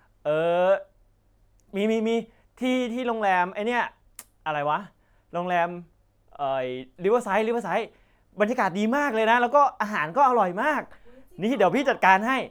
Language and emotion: Thai, happy